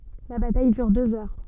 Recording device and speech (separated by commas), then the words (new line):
soft in-ear microphone, read sentence
La bataille dure deux heures.